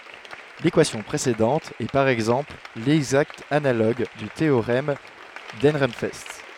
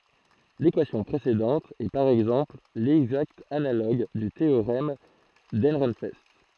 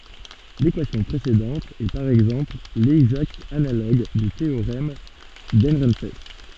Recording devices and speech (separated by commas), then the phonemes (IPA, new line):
headset microphone, throat microphone, soft in-ear microphone, read sentence
lekwasjɔ̃ pʁesedɑ̃t ɛ paʁ ɛɡzɑ̃pl lɛɡzakt analoɡ dy teoʁɛm dəʁɑ̃fɛst